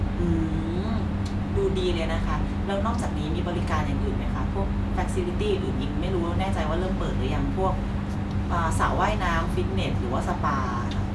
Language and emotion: Thai, neutral